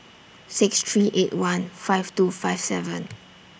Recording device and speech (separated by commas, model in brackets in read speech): boundary microphone (BM630), read sentence